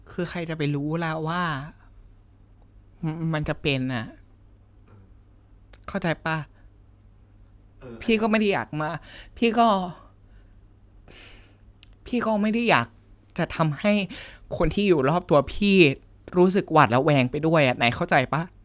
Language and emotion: Thai, sad